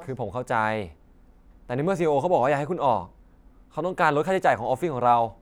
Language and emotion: Thai, frustrated